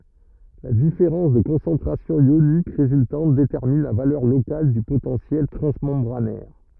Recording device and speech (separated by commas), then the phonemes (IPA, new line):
rigid in-ear microphone, read sentence
la difeʁɑ̃s də kɔ̃sɑ̃tʁasjɔ̃ jonik ʁezyltɑ̃t detɛʁmin la valœʁ lokal dy potɑ̃sjɛl tʁɑ̃smɑ̃bʁanɛʁ